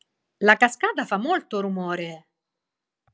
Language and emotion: Italian, surprised